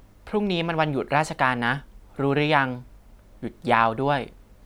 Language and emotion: Thai, neutral